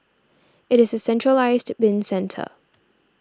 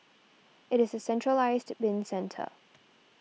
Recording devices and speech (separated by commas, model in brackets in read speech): standing microphone (AKG C214), mobile phone (iPhone 6), read sentence